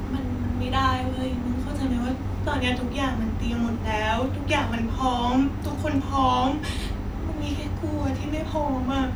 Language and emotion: Thai, sad